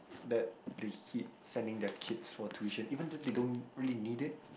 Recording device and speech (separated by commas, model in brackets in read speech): boundary microphone, conversation in the same room